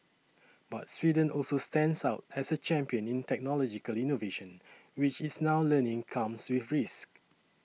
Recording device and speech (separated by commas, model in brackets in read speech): mobile phone (iPhone 6), read sentence